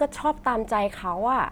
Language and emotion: Thai, frustrated